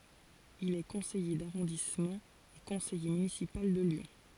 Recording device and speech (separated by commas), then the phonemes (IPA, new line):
forehead accelerometer, read sentence
il ɛ kɔ̃sɛje daʁɔ̃dismɑ̃ e kɔ̃sɛje mynisipal də ljɔ̃